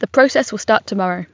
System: none